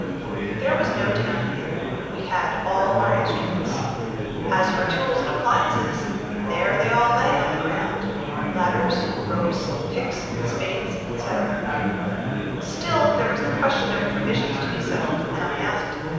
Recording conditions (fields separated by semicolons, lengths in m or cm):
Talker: one person; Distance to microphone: 7.1 m; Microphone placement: far; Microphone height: 1.7 m; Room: very reverberant, large; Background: babble